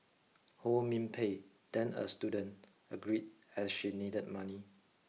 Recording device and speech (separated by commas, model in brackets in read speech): mobile phone (iPhone 6), read sentence